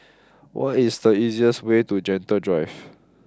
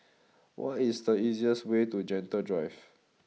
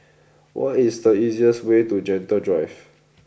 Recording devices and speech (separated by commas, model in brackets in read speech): close-talking microphone (WH20), mobile phone (iPhone 6), boundary microphone (BM630), read sentence